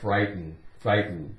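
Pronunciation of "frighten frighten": In 'frighten', the t makes hardly any sound and is pretty much silent.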